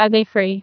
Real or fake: fake